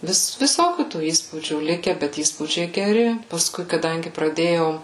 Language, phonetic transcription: Lithuanian, ˈvis viˈsokių tų ˈįspūdžių ˈlike bet ˈįspūdžiai geˈri pasˈkui kaˈdangi praˈdėjau

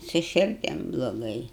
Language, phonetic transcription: Lithuanian, su širˈdim bloˈgai

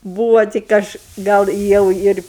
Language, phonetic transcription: Lithuanian, ˈbūvo tik ˈaš ˈgal ˈjau ir

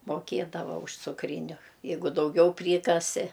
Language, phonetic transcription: Lithuanian, moˈkiedava už cukˈryniu ˈjeigu dauˈgiau ˈprykasi

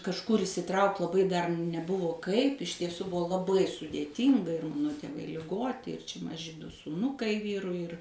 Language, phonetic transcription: Lithuanian, kažˈkur išsiˈtraukt laˈbai dar neˈbuvo ˈkaip iš tieˈsų ˈbuvo laˈbai sudėˈtynga ir ˈmano tėˈvai liˈgoti ir čia maˈži du sūˈnukai ˈvyrui ir

